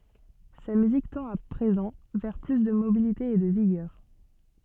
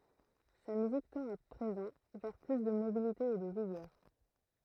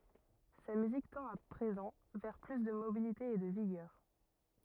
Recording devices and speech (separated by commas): soft in-ear microphone, throat microphone, rigid in-ear microphone, read sentence